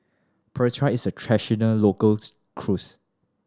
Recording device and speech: standing microphone (AKG C214), read sentence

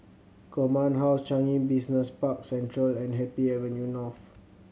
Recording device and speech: mobile phone (Samsung C7100), read sentence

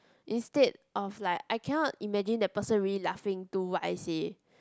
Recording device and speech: close-talking microphone, conversation in the same room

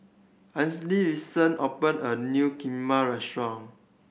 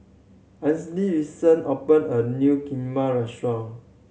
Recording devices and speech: boundary microphone (BM630), mobile phone (Samsung C7100), read sentence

